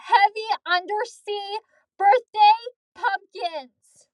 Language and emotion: English, angry